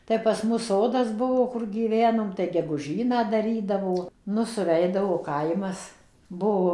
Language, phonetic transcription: Lithuanian, tai pas ˈmus ˈsodas ˈbuvo kur gyˈvenom tai geguˈžyną daˈrydavo ˈnu suˈveidavo ˈkaimas ˈbuo

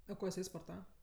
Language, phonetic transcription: Lithuanian, a ˈko jiˈsai sporˈtava

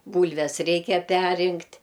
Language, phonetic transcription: Lithuanian, ˈbūlves ˈreikia ˈperrinkt'

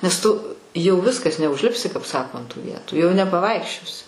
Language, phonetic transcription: Lithuanian, nes ˈtu jau ˈviskas neužˈlipsi kap ˈsako ant tų ˈvietų jau nepaˈvaikščiosi

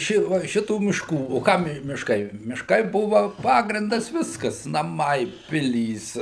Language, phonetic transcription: Lithuanian, ˈši va ˈšitų mišˈkų o ˈkam mišˈkai mišˈkai ˈbuva ˈpagrindas ˈviskas naˈmai ˈpilys

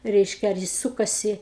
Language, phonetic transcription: Lithuanian, ˈreiškia ar ˈjis ˈsūkasi

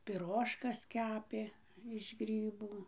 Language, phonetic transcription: Lithuanian, piˈrožkas ˈkepė iš ˈgrybų

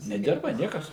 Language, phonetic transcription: Lithuanian, neˈdirba ˈniekas

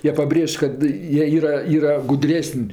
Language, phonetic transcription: Lithuanian, ˈjie paˈbrėž' kad ˈjie ˈyra ˈyra guˈdresən'

